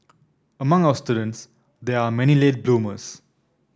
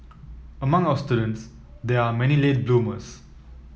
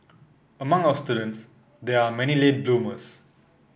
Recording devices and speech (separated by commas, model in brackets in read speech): standing microphone (AKG C214), mobile phone (iPhone 7), boundary microphone (BM630), read sentence